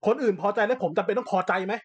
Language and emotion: Thai, angry